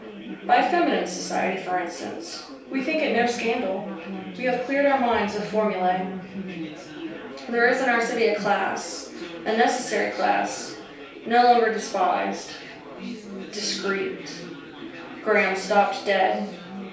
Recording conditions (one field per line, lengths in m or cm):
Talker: one person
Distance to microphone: 3.0 m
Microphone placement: far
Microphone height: 1.8 m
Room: small (3.7 m by 2.7 m)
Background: babble